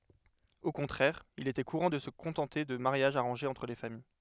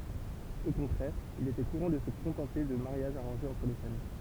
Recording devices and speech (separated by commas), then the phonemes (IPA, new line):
headset microphone, temple vibration pickup, read sentence
o kɔ̃tʁɛʁ il etɛ kuʁɑ̃ də sə kɔ̃tɑ̃te də maʁjaʒz aʁɑ̃ʒez ɑ̃tʁ le famij